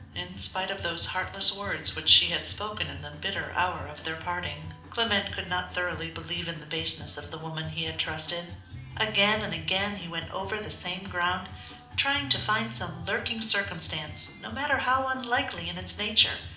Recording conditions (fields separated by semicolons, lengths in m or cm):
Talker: one person; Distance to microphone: 2.0 m; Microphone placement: close; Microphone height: 99 cm; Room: medium-sized (5.7 m by 4.0 m); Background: music